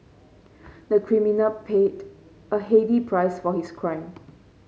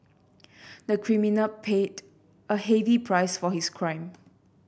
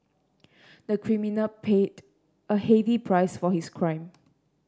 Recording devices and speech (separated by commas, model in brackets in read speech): mobile phone (Samsung C5), boundary microphone (BM630), standing microphone (AKG C214), read sentence